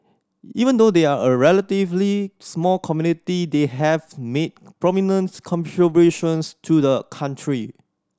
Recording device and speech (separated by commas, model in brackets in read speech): standing microphone (AKG C214), read sentence